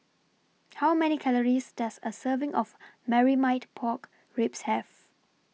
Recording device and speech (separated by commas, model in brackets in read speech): mobile phone (iPhone 6), read sentence